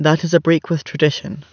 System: none